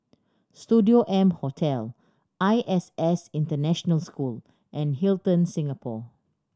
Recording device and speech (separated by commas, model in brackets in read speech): standing microphone (AKG C214), read sentence